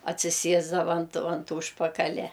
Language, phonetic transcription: Lithuanian, atsiˈsiesdava ant ant ˈūžpakalia

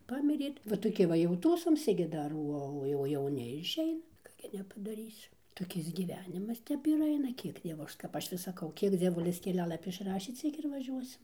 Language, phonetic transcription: Lithuanian, ˈpamirė va toˈki va jau ˈtųsomsi gi ˈdar ˈuo o jau jauˈni išˈeina ˈką gi nepadaˈrysi toˈkis gyˈvenimas ˈtep ir ˈaina ˈkiek ˈdievo ˈaš kap ˈaš vis saˈkau ˈkiek dzieˈvulis keˈlialapi išˈrašė ˈciek ir vaˈžiuosim

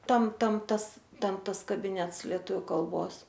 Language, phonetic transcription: Lithuanian, ˈtam ˈtam ˈtas ˈten ˈtas kabiˈnets lieˈtuviu kalˈbos

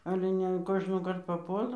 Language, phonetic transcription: Lithuanian, ˈale ne an ˈkožnokart paˈpuola

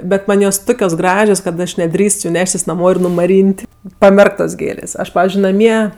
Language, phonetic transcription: Lithuanian, bet ˈman' jos ˈtukios ˈgražios kad ˈaš neˈdrįst ju ˈneštis naˈmo ir numaˈryn't' paˈmerktos ˈgėlės ˈaš ˈpavizdžiui naˈmie

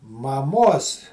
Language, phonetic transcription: Lithuanian, maˈmos

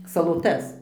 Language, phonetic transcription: Lithuanian, saloˈtas

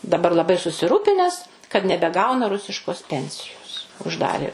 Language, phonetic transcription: Lithuanian, daˈbar laˈbai susiˈrūpines kad nebeˈgauna ˈrusiškos ˈpensijos užˈdarė

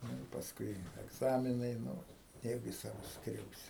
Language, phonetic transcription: Lithuanian, ˈnu i pasˈkui egˈzaminai nu neˈjaugi ˈsavus ˈskriausi

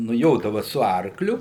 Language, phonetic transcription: Lithuanian, nuˈjodava su ˈarkliu

